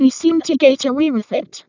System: VC, vocoder